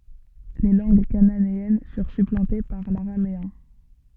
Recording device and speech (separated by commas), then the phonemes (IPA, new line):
soft in-ear microphone, read sentence
le lɑ̃ɡ kananeɛn fyʁ syplɑ̃te paʁ laʁameɛ̃